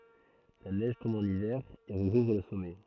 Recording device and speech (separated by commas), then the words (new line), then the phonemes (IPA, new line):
throat microphone, read sentence
La neige tombe en hiver et recouvre le sommet.
la nɛʒ tɔ̃b ɑ̃n ivɛʁ e ʁəkuvʁ lə sɔmɛ